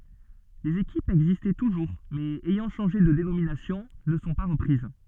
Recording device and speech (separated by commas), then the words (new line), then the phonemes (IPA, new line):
soft in-ear microphone, read sentence
Les équipes existant toujours mais ayant changé de dénomination ne sont pas reprises.
lez ekipz ɛɡzistɑ̃ tuʒuʁ mɛz ɛjɑ̃ ʃɑ̃ʒe də denominasjɔ̃ nə sɔ̃ pa ʁəpʁiz